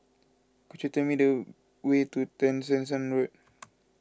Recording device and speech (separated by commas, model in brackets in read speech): close-talking microphone (WH20), read sentence